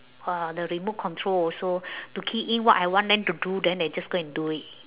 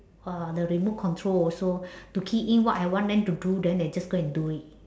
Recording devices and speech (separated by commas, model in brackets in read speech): telephone, standing microphone, conversation in separate rooms